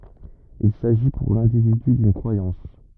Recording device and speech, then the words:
rigid in-ear microphone, read sentence
Il s'agit pour l'individu d'une croyance.

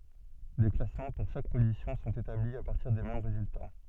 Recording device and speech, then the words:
soft in-ear microphone, read sentence
Des classements pour chaque position sont établis à partir des mêmes résultats.

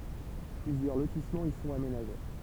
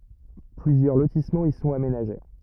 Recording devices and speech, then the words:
temple vibration pickup, rigid in-ear microphone, read sentence
Plusieurs lotissements y sont aménagés.

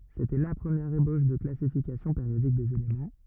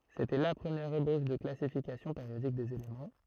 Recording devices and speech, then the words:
rigid in-ear microphone, throat microphone, read sentence
C'était la première ébauche de classification périodique des éléments.

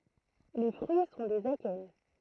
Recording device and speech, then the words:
throat microphone, read sentence
Les fruits sont des akènes.

